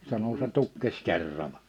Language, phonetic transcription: Finnish, sano » se 'tukkes 'kerrala « .
- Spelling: sanoi se tukkesi kerralla

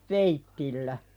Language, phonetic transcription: Finnish, veittillä .
- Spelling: veitsillä

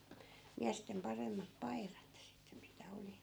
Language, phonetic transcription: Finnish, 'miästem 'paremmap "pai̮rat sitte mitä 'oli .
- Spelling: miesten paremmat paidat sitten mitä oli

